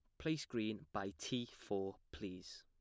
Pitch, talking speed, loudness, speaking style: 105 Hz, 150 wpm, -44 LUFS, plain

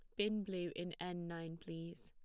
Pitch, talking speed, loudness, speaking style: 175 Hz, 195 wpm, -44 LUFS, plain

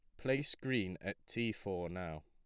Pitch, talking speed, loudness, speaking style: 100 Hz, 175 wpm, -39 LUFS, plain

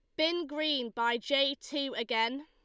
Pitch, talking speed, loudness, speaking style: 275 Hz, 160 wpm, -31 LUFS, Lombard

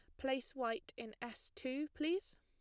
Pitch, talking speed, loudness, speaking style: 260 Hz, 165 wpm, -42 LUFS, plain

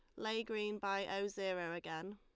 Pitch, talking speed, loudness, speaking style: 195 Hz, 185 wpm, -41 LUFS, Lombard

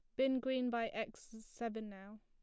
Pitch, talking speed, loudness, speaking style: 225 Hz, 175 wpm, -40 LUFS, plain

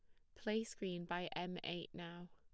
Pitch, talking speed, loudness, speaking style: 175 Hz, 185 wpm, -45 LUFS, plain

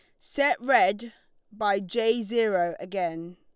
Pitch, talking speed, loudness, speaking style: 205 Hz, 115 wpm, -25 LUFS, Lombard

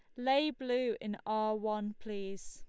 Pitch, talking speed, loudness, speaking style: 215 Hz, 160 wpm, -35 LUFS, Lombard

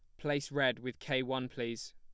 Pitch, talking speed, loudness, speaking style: 130 Hz, 205 wpm, -35 LUFS, plain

